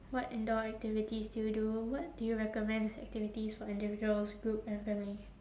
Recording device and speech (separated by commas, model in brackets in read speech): standing microphone, conversation in separate rooms